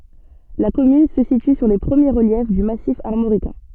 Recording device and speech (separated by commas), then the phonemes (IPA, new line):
soft in-ear microphone, read sentence
la kɔmyn sə sity syʁ le pʁəmje ʁəljɛf dy masif aʁmoʁikɛ̃